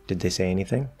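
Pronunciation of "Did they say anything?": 'Did they say anything?' is said in a more natural, normal way, not clearly enunciated.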